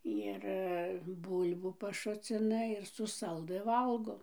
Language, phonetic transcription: Lithuanian, ir ˈbul'bų paˈšucina ir su ˈsaldɨ ˈvalgo

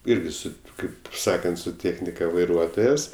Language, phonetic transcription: Lithuanian, ˈirgi ˈsu ˈkaip ˈsakant su ˈtėchnika vaiˈruotojas

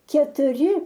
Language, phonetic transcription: Lithuanian, ketuˈri

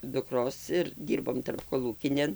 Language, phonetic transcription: Lithuanian, dukˈros ir ˈdyrbom tarpkoˈlūkinėn

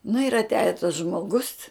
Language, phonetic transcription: Lithuanian, nu ir atˈiaja tas žmoˈgus

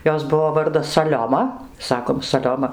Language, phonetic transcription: Lithuanian, ˈjos ˈbuvo ˈvardas saˈlioma ˈsakom saˈlioma

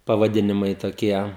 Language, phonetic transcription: Lithuanian, pavaˈdinimai toˈkie

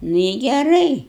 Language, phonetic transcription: Lithuanian, ˈnu i geˈrai

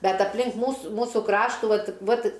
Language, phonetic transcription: Lithuanian, ˈbet aplink ˈmūsu ˈmūsu ˈkraštų ˈvat ˈvat

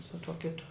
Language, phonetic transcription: Lithuanian, su tuo ˈkitu

